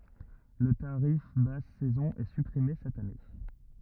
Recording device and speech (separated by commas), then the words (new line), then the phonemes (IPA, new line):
rigid in-ear microphone, read sentence
Le tarif basse saison est supprimé cette année.
lə taʁif bas sɛzɔ̃ ɛ sypʁime sɛt ane